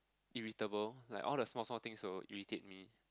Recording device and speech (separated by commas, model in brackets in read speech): close-talking microphone, conversation in the same room